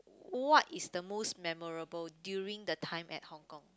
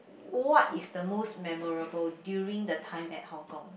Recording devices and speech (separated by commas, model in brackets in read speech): close-talking microphone, boundary microphone, conversation in the same room